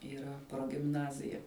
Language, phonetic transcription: Lithuanian, yˈra progimˈnazija

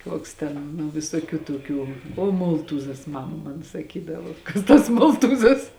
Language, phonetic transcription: Lithuanian, ˈkuoks ten nu visoˈkių toˈkių o ˈmoltūzas ˈmama ˈman saˈkydavo ˈkas tas ˈmoltūzas

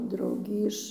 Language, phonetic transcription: Lithuanian, ˈdraugį iš

